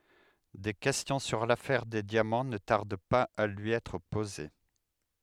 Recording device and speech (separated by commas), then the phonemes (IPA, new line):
headset microphone, read sentence
de kɛstjɔ̃ syʁ lafɛʁ de djamɑ̃ nə taʁd paz a lyi ɛtʁ poze